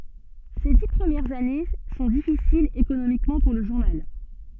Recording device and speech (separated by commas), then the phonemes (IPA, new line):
soft in-ear microphone, read sentence
se di pʁəmjɛʁz ane sɔ̃ difisilz ekonomikmɑ̃ puʁ lə ʒuʁnal